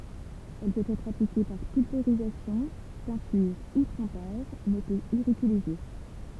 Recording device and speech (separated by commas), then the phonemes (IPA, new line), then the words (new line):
temple vibration pickup, read sentence
ɛl pøt ɛtʁ aplike paʁ pylveʁizasjɔ̃ pɛ̃tyʁ u tʁɑ̃paʒ mɛ pøt iʁite lez jø
Elle peut être appliquée par pulvérisation, peinture ou trempage mais peut irriter les yeux.